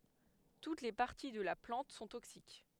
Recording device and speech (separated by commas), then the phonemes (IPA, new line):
headset microphone, read sentence
tut le paʁti də la plɑ̃t sɔ̃ toksik